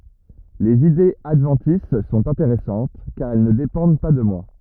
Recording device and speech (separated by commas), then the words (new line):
rigid in-ear microphone, read sentence
Les idées adventices sont intéressantes, car elles ne dépendent pas de moi.